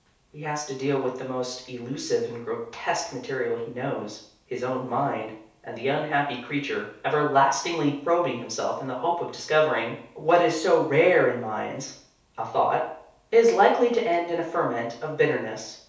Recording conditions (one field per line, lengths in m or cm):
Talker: one person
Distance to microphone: 3.0 m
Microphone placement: far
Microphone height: 1.8 m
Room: small (3.7 m by 2.7 m)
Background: none